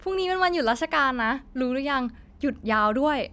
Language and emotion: Thai, happy